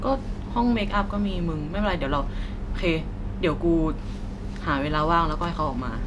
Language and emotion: Thai, neutral